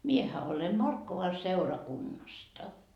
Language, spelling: Finnish, minähän olen Markkovan seurakunnasta
- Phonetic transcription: 'miehä ole "Markkova 'seurakunnasta .

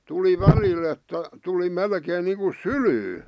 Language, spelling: Finnish, tuli välillä että tuli melkein niin kuin sylyyn
- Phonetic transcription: 'tuli "välil ‿että , 'tuli "melkeen niiŋku "sylyy .

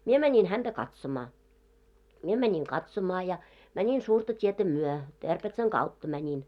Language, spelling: Finnish, minä menin häntä katsomaan minä menin katsomaan ja menin suurta tietä myöten Terpetsan kautta menin
- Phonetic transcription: 'mie mäńin 'hänᴅä 'katsoma , 'mie 'mäńiŋ "katsomaa ja , 'mäńin 'suurta t́ietä 'myö , 'Terpetsaŋ "ɢautta mäńin .

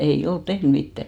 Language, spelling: Finnish, ei ole tehnyt mitään
- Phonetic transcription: 'ei 'olt "tehn 'mittä .

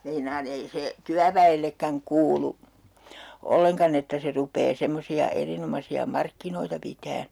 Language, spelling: Finnish, meinaan ei se työväellekään kuulu ollenkaan että se rupeaa semmoisia erinomaisia markkinoita pitämään
- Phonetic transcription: meinaan ‿ei 'se , 'tyävä₍ellekkäŋ "kuulu , 'olleŋkan ‿että se 'rupee 'semmosi₍a 'erinomasi₍a "markkinoita pitään̬ .

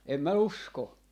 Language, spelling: Finnish, en minä usko
- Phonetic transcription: 'em mä "usko .

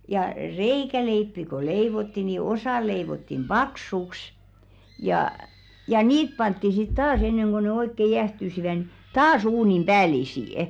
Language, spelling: Finnish, ja reikäleipiä kun leivottiin niin osa leivottiin paksuksi ja ja niitä pantiin sitten taas ennen kuin ne oikein jäähtyivät niin taas uunin päällisin
- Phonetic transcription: ja "reikäleippi ko 'leivotti ni 'osà leivottim "ʙaksuks , jà , ja "niit pantti sit 'taas enneŋ ɢo ne 'oikke "jähtysivä ni , "taas 'uunim 'ʙäälisì₍ᵊ .

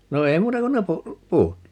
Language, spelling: Finnish, no ei muuta kuin ne - puut
- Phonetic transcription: 'no 'ei "muuta kun ne 'pu- , "puut .

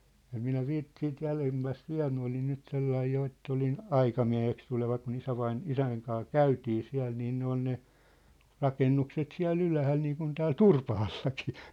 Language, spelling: Finnish, en minä - siitä jäljemmästä vielä minä olin nyt sellainen jo että olin aikamieheksi tuleva kun - isän kanssa käytiin siellä niin ne on ne rakennukset siellä ylhäällä niin kuin täällä Turpaallakin
- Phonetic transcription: 'em 'minä "viit- , siit 'jälemmäst "viä̭l minä olin nyt 'sellaij 'jo ett ‿olin , "aikamiä̭heks tuleva ku'n ‿isävain- , "isäŋ kaa "käytii 'siä̭l niin 'ne ‿on ne , 'rakennukset 'siä̭l'l ‿ylähäl niiŋkun tääl "Turpahallakɪɪ .

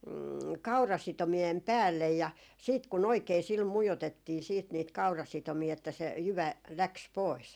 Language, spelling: Finnish, kaurasitomien päälle ja sitten kun oikein sillä mujotettiin sitten niitä kaurasitomia että se jyvä lähti pois
- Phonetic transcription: "kaurasitomi₍em "päällej ja siit ku'n ‿oikee sil 'mujotettii siit niit 'kaurasitomii että se , 'jyvä , "läks 'pois .

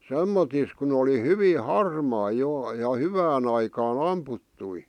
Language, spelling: Finnish, semmottoon kun oli hyvin harmaa jo ja hyvään aikaan ammuttuja
- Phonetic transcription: 'semmotis kun ‿oli 'hyvii "harmaa jò , ja "hyvään ‿aikaa"n ‿amputtui .

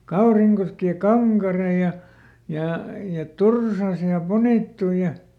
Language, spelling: Finnish, Kaurinkoski ja Kankare ja ja ja Tursas ja Punittu ja
- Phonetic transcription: "Kauriŋkoski ja "Kaŋkare ja , ja , ja "Tursas ja "Punìttuj̆ ja ,.

